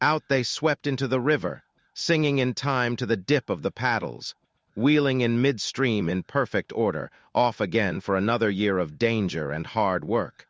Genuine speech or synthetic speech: synthetic